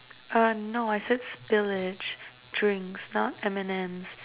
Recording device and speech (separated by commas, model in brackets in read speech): telephone, conversation in separate rooms